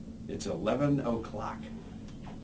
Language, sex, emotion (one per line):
English
male
neutral